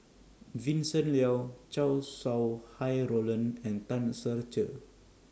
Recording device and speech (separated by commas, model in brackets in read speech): standing microphone (AKG C214), read sentence